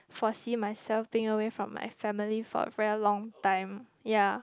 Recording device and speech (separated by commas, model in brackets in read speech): close-talking microphone, conversation in the same room